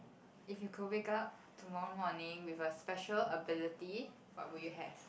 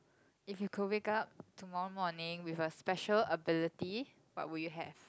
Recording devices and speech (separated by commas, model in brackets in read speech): boundary microphone, close-talking microphone, conversation in the same room